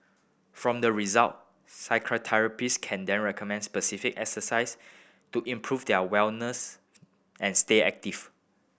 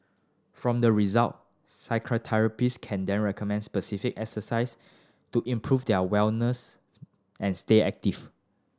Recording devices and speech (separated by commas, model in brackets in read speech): boundary microphone (BM630), standing microphone (AKG C214), read sentence